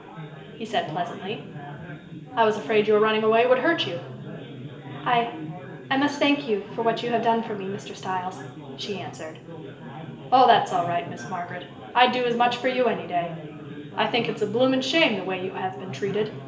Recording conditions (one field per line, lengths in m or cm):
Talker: one person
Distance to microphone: 1.8 m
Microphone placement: close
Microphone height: 1.0 m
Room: large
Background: babble